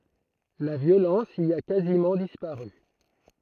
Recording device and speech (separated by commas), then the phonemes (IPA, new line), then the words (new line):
throat microphone, read sentence
la vjolɑ̃s i a kazimɑ̃ dispaʁy
La violence y a quasiment disparu.